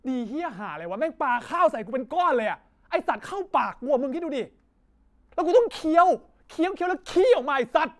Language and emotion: Thai, angry